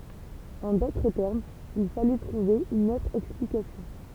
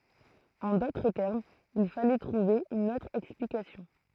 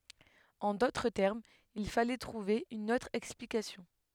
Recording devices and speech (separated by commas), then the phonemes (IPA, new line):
temple vibration pickup, throat microphone, headset microphone, read sentence
ɑ̃ dotʁ tɛʁmz il falɛ tʁuve yn otʁ ɛksplikasjɔ̃